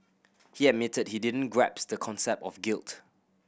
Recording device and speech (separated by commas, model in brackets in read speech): boundary microphone (BM630), read sentence